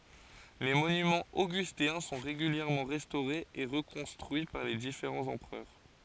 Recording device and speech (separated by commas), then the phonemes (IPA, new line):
forehead accelerometer, read sentence
le monymɑ̃z oɡysteɛ̃ sɔ̃ ʁeɡyljɛʁmɑ̃ ʁɛstoʁez e ʁəkɔ̃stʁyi paʁ le difeʁɑ̃z ɑ̃pʁœʁ